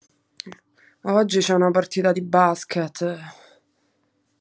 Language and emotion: Italian, disgusted